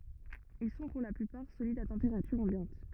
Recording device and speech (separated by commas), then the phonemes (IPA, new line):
rigid in-ear microphone, read sentence
il sɔ̃ puʁ la plypaʁ solidz a tɑ̃peʁatyʁ ɑ̃bjɑ̃t